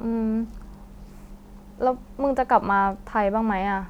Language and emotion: Thai, sad